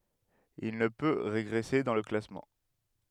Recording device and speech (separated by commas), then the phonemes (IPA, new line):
headset microphone, read sentence
il nə pø ʁeɡʁɛse dɑ̃ lə klasmɑ̃